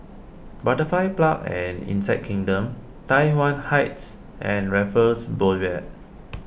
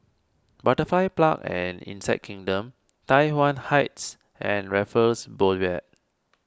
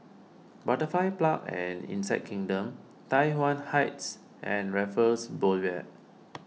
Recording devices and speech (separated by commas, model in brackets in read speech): boundary microphone (BM630), standing microphone (AKG C214), mobile phone (iPhone 6), read sentence